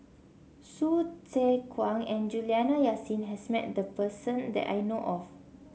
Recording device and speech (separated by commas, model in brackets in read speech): mobile phone (Samsung C7), read sentence